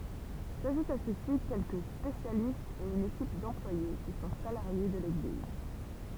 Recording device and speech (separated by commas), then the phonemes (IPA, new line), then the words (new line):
temple vibration pickup, read sentence
saʒutt a sø si kɛlkə spesjalistz e yn ekip dɑ̃plwaje ki sɔ̃ salaʁje də leɡliz
S'ajoutent à ceux-ci quelques spécialistes et une équipe d'employés qui sont salariés de l'Église.